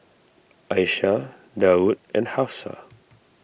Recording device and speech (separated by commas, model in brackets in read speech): boundary microphone (BM630), read sentence